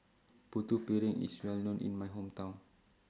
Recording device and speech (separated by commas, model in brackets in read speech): standing microphone (AKG C214), read sentence